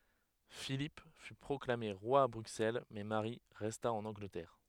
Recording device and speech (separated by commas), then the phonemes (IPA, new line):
headset microphone, read sentence
filip fy pʁɔklame ʁwa a bʁyksɛl mɛ maʁi ʁɛsta ɑ̃n ɑ̃ɡlətɛʁ